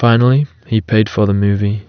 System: none